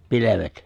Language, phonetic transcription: Finnish, 'pilevet ?
- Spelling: pilvet

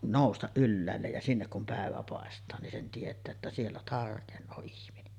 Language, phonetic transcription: Finnish, 'nòustaˀ 'ˀylläällej ja 'sinnek kum pä̀evä pàestaa nin sen tiet̆tää että 'siellä 'tarkeǹoo ihminen .
- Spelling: nousta ylhäälle ja sinne kun päivä paistaa niin sen tietää että siellä tarkenee ihminen

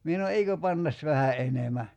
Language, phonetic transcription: Finnish, 'mie (sa)no » "eikö 'pann̳§as vähä '’enemä « .
- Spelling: minä sanoin eikö panna vähän enemmän

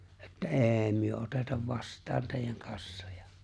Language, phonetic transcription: Finnish, että » "’ê̬ⁱ 'myö '’otetav 'vast̀aan 'tèijän 'kassojᴀ « .
- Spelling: että ei me oteta vastaan teidän kassoja

